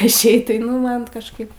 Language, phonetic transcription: Lithuanian, išˈeit tai ˈnu ˈman nu kažˈkaip

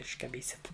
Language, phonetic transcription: Lithuanian, iškaˈbysit

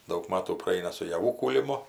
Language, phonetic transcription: Lithuanian, daug ˈmatų praˈaina su jaˈvų kūliˈmu

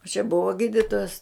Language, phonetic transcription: Lithuanian, o čia ˈbuvo ˈgyditojas

